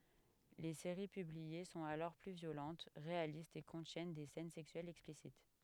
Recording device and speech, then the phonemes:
headset microphone, read sentence
le seʁi pyblie sɔ̃t alɔʁ ply vjolɑ̃t ʁealistz e kɔ̃tjɛn de sɛn sɛksyɛlz ɛksplisit

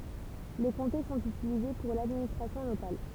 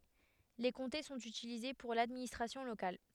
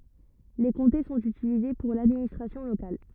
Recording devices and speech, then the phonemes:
temple vibration pickup, headset microphone, rigid in-ear microphone, read sentence
le kɔ̃te sɔ̃t ytilize puʁ ladministʁasjɔ̃ lokal

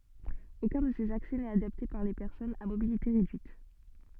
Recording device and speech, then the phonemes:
soft in-ear microphone, read sentence
okœ̃ də sez aksɛ nɛt adapte puʁ le pɛʁsɔnz a mobilite ʁedyit

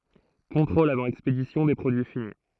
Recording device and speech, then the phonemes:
throat microphone, read sentence
kɔ̃tʁolz avɑ̃ ɛkspedisjɔ̃ de pʁodyi fini

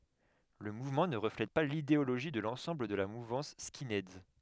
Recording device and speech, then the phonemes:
headset microphone, read sentence
lə muvmɑ̃ nə ʁəflɛt pa lideoloʒi də lɑ̃sɑ̃bl də la muvɑ̃s skinɛdz

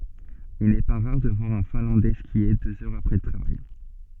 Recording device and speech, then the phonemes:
soft in-ear microphone, read sentence
il nɛ pa ʁaʁ də vwaʁ œ̃ fɛ̃lɑ̃dɛ skje døz œʁz apʁɛ lə tʁavaj

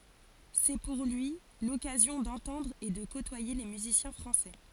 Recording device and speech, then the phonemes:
forehead accelerometer, read sentence
sɛ puʁ lyi lɔkazjɔ̃ dɑ̃tɑ̃dʁ e də kotwaje le myzisjɛ̃ fʁɑ̃sɛ

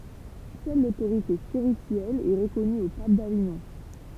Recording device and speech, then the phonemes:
temple vibration pickup, read sentence
sœl lotoʁite spiʁityɛl ɛ ʁəkɔny o pap daviɲɔ̃

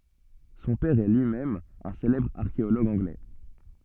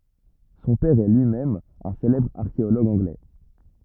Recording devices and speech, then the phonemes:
soft in-ear microphone, rigid in-ear microphone, read sentence
sɔ̃ pɛʁ ɛ lyi mɛm œ̃ selɛbʁ aʁkeoloɡ ɑ̃ɡlɛ

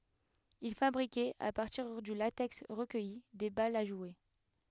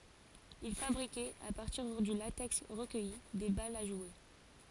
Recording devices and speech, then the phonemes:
headset microphone, forehead accelerometer, read sentence
il fabʁikɛt a paʁtiʁ dy latɛks ʁəkœji de balz a ʒwe

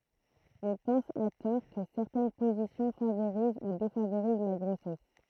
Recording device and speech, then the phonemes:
throat microphone, read sentence
ɔ̃ pɑ̃s a tɔʁ kə sɛʁtɛn pozisjɔ̃ favoʁiz u defavoʁiz la ɡʁosɛs

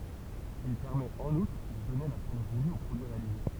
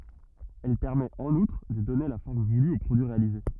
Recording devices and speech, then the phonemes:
temple vibration pickup, rigid in-ear microphone, read sentence
ɛl pɛʁmɛt ɑ̃n utʁ də dɔne la fɔʁm vuly o pʁodyi ʁealize

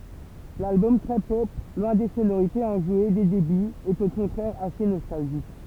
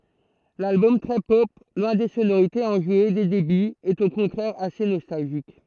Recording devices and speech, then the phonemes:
temple vibration pickup, throat microphone, read sentence
lalbɔm tʁɛ pɔp lwɛ̃ de sonoʁitez ɑ̃ʒwe de debyz ɛt o kɔ̃tʁɛʁ ase nɔstalʒik

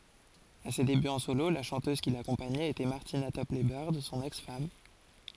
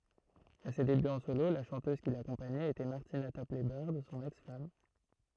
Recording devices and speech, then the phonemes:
forehead accelerometer, throat microphone, read sentence
a se debyz ɑ̃ solo la ʃɑ̃tøz ki lakɔ̃paɲɛt etɛ maʁtina tɔplɛ bœʁd sɔ̃n ɛks fam

